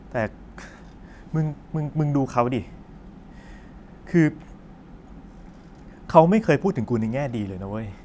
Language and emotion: Thai, frustrated